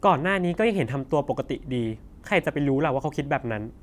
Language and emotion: Thai, frustrated